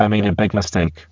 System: VC, spectral filtering